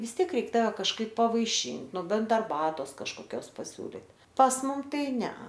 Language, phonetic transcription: Lithuanian, vis ˈtiek ˈreik ˈtave kažˈkaip pavaiˈšin' nu ˈbent arˈbatos kažkoˈkios paˈsiūlit' pas ˈmum ˈtai ˈne

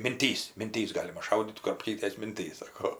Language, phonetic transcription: Lithuanian, minˈtys minˈtys ˈgalima ˈšaudyt kurapˈkytes minˈtys ˈsako

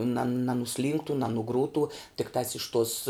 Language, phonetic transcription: Lithuanian, nan nanuˈslynktu nanuˈgrūtu tikˈtās iš tos

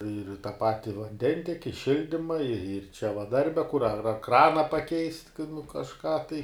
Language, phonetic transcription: Lithuanian, ir ta ˈpati vanˈdenteki ˈšildyma ir ir čia va ˈdarbe kur ar ar ˈkrana paˈkeist' kai nu kažˈką tai

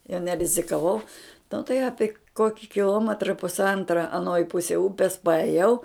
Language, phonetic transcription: Lithuanian, jau nerizikaˈvau nu tai ˈapi ˈkoki kiˈlometra pusˈantra aˈnoj ˈpusej ˈupes paeˈjau

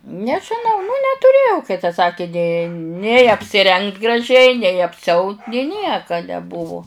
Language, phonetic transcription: Lithuanian, nežiˈnau nu netuˈrėjau kai ta ˈsaki nė nei apsiˈrengt graˈžiai nei apsiˈaut nė ˈnieka neˈbuvu

